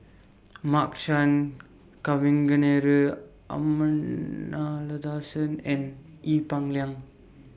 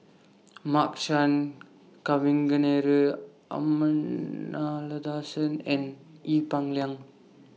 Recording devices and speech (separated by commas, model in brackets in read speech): boundary microphone (BM630), mobile phone (iPhone 6), read sentence